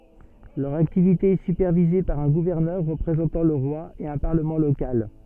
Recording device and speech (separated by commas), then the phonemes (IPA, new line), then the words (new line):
soft in-ear microphone, read sentence
lœʁ aktivite ɛ sypɛʁvize paʁ œ̃ ɡuvɛʁnœʁ ʁəpʁezɑ̃tɑ̃ lə ʁwa e œ̃ paʁləmɑ̃ lokal
Leur activité est supervisée par un gouverneur représentant le roi et un Parlement local.